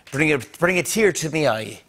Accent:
Irish accent